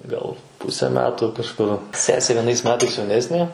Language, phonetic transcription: Lithuanian, ˈgal ˈpuse ˈmetu kažˈkur ˈsesė vieˈnais ˈmetais jauˈnesnė

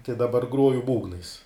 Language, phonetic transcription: Lithuanian, tai daˈbar ˈgroju ˈbūgnais

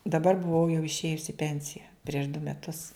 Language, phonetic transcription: Lithuanian, daˈbar buˈvau jau išˈėjus i ˈpensija prieš du meˈtus

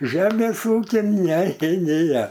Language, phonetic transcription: Lithuanian, ˈžemės ˈūkin ˈne ˈnėja

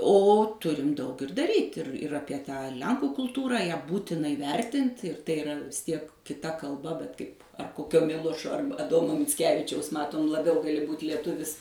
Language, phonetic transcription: Lithuanian, o ˈturim ˈdaug ir daˈryt' ir ir ˈapie ˈtą ˈlenkų kulˈtūrą ˈją ˈbūtina iˈvertint ir tai iˈra vis ˈtiek kiˈta kalˈba bet ˈkaip ˈkokio ˈmilošo ˈarba aˈdomo micˈkevičiaus ˈmatom laˈbiau gaˈli būt lieˈtuvis

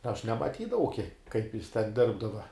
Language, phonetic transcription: Lithuanian, aš nemaˈtydavau kiek kaip jis ten ˈdirbdava

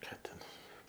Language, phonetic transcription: Lithuanian, ˈką ten

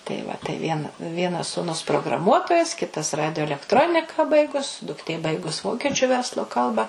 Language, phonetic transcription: Lithuanian, tai ˈva tai vien ˈvienas sūˈnus prograˈmuotojas ˈkitas ˈradijo elekˈtronika ˈbaigus dukˈtė ˈbaigus ˈvokečiu ˈverslo ˈkalba

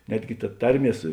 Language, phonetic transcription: Lithuanian, ˈnetgi ta ˈtarˌmie ˈsu

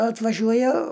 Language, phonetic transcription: Lithuanian, atvaˈžiuoja

